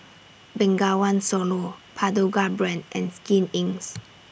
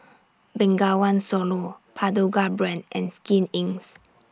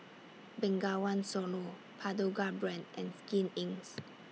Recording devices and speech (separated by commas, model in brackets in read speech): boundary microphone (BM630), standing microphone (AKG C214), mobile phone (iPhone 6), read sentence